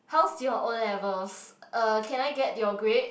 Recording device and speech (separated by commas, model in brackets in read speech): boundary microphone, conversation in the same room